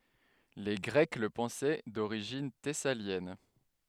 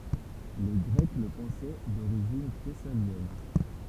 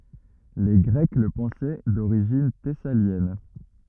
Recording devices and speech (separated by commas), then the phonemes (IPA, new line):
headset microphone, temple vibration pickup, rigid in-ear microphone, read sentence
le ɡʁɛk lə pɑ̃sɛ doʁiʒin tɛsaljɛn